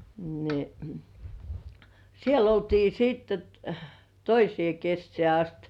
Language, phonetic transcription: Finnish, ni , 'siel ‿oltii 'siitte t- "toisĭè 'kessĕä̀ ast .
- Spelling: niin siellä oltiin sitten - toiseen kesään asti

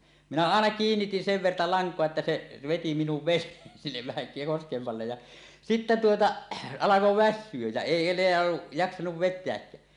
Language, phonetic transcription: Finnish, 'minä "àena "kiinnitin 'sev 'verta 'laŋk̀oa että "se , 'veti minuv 'ven̆neen sinnev vähä 'koskemm allej ja , "sitte 'tuota , "alako "vässyöj jä 'èi eǹeä , 'jaksanuv 'vet̆teäkkää .
- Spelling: minä aina kiinnitin sen verta lankaa että se veti minun veneen sinne vähän kosken alle ja sitten tuota alkaa väsyä ja ei enää jaksanut vetääkään

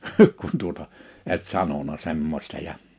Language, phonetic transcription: Finnish, kun tuota , et 'sanona 'semmośta ja « ,.
- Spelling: kun tuota et sanonut semmoista ja

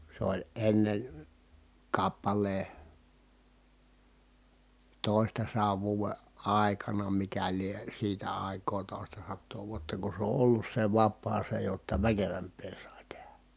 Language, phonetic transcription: Finnish, se ‿oĺ ennen̬ , kappal̀ee , tòi̮stasaav vuuve , àekana mikä lie , siitä ài̮k̀oo tòi̮stasattoo vuotta ku se ‿o ʼollus se vappaa se jotta väkevämp̆pee sài̮ tehä .
- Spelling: se oli ennen kappaleen toistasadan vuoden aikana mikä lie siitä aikaa toistasataa vuotta kun se on ollut se vapaa se jotta väkevämpää sai tehdä

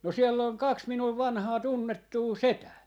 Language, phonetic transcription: Finnish, no 'siell ‿oŋ 'kaks 'minuv 'vanhaa 'tunnettuu "setää .
- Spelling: no siellä on kaksi minun vanhaa tunnettua setää

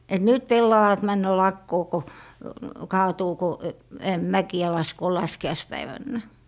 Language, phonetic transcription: Finnish, et » "nyt 'pellavat männö 'lakkoo » ko , 'kaatuu ko , 'mäki₍ä laskoo 'laski₍aispäivännä .
- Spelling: että nyt pellavat menee lakoon kun kaatuu kun mäkiä laskee laskiaispäivänä

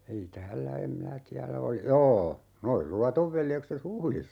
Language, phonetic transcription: Finnish, ei 'täällä em 'minä tiälä oli- , "joo , 'noi "Luatov 'veljekset "Huhlissa .
- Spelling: ei täällä en minä tiedä oli joo nuo Luodon veljekset Huhdissa

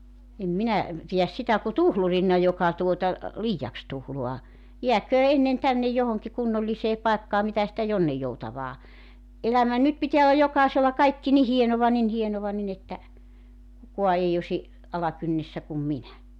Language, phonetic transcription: Finnish, em 'minä , pijäs 'sitä ku "tuhlurinna 'joka tuota , "liijaks 'tuhlua , 'jiäköö 'ennen 'tännej johoŋki 'kunnollisee 'paekkaa 'mitä sitä 'jonnijjoutavaa , '’elämä 'nyt 'pitiä olla 'jokàesella 'kaikki ni "hienova nin 'hienova nin ‿että , 'kukua 'ei osi , 'alakynnessä kum "minä .
- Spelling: en minä pidä sitä kuin tuhlurina joka tuota liiaksi tuhlaa jääköön ennen tänne johonkin kunnolliseen paikkaan mitä sitä jonninjoutavaa elämä nyt pitää olla jokaisella kaikki niin hienoa niin hienoa niin että kukaan ei olisi alakynnessä kuin minä

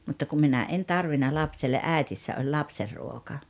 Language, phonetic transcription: Finnish, mutta kum 'minä 'en tarvina 'lapselle’ "’ä̀etissä oĺ "lapserruoka .
- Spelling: mutta kun minä en tarvinnut lapselle äidissä oli lapsenruoka

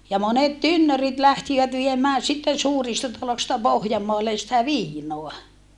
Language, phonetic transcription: Finnish, ja monet tynnörit lähtivät viemää sitten̬ suurista talosta Pohjammoallen̬ sⁱtä viinoa .
- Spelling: ja monet tynnyrit lähtivät viemään sitten suurista taloista Pohjanmaalle sitä viinaa

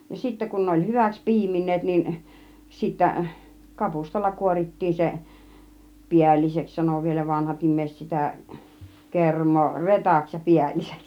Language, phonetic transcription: Finnish, ja 'sittä kun ne oĺ 'hyväks "pi̬imin̆neet niin , sittä , "kapustalla 'kuorit̀tii se , "piälliseks sano vielä 'vanahat 'im̆mèiset sitä̀ , "kerm̀oo , "retaks ja "piälliseks .
- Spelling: ja sitten kun ne oli hyväksi piimineet niin sitten kapustalla kuorittiin se päälliseksi sanoi vielä vanhat ihmiset sitä kermaa retaksi ja päälliseksi

